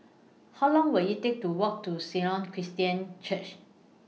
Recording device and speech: mobile phone (iPhone 6), read sentence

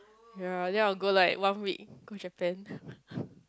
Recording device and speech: close-talking microphone, conversation in the same room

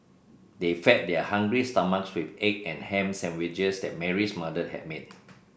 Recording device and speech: boundary microphone (BM630), read sentence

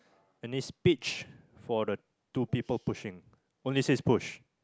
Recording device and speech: close-talking microphone, conversation in the same room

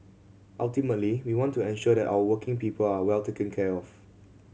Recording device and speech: mobile phone (Samsung C7100), read sentence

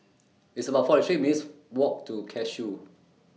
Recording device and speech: mobile phone (iPhone 6), read sentence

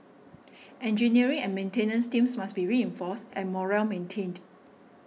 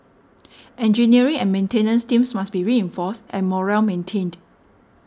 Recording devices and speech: mobile phone (iPhone 6), standing microphone (AKG C214), read sentence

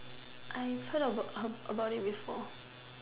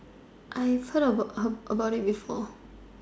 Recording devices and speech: telephone, standing microphone, conversation in separate rooms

